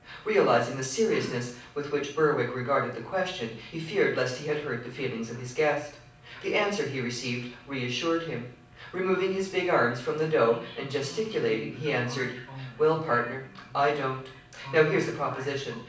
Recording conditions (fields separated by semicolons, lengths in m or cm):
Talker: one person; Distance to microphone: 5.8 m; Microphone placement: far; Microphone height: 1.8 m; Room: medium-sized (5.7 m by 4.0 m); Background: television